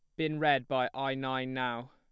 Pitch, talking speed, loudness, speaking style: 130 Hz, 210 wpm, -32 LUFS, plain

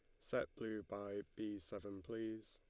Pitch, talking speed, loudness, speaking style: 110 Hz, 155 wpm, -47 LUFS, Lombard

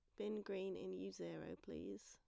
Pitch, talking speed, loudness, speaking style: 190 Hz, 195 wpm, -49 LUFS, plain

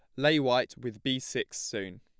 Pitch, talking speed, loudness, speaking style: 130 Hz, 200 wpm, -30 LUFS, plain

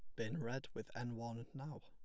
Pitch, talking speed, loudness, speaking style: 120 Hz, 220 wpm, -46 LUFS, plain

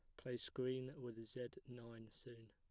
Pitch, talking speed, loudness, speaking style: 120 Hz, 155 wpm, -50 LUFS, plain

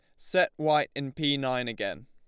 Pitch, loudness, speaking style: 140 Hz, -28 LUFS, Lombard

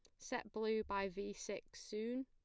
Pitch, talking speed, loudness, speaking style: 215 Hz, 175 wpm, -44 LUFS, plain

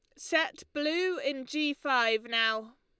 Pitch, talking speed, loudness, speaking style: 275 Hz, 140 wpm, -30 LUFS, Lombard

